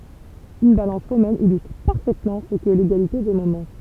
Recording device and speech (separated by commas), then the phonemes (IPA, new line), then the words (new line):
temple vibration pickup, read sentence
yn balɑ̃s ʁomɛn ilystʁ paʁfɛtmɑ̃ sə kɛ leɡalite de momɑ̃
Une balance romaine illustre parfaitement ce qu'est l'égalité des moments.